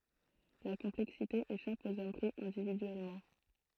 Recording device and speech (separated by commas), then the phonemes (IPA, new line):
throat microphone, read sentence
la kɔ̃plɛksite eʃap oz ɔm pʁi ɛ̃dividyɛlmɑ̃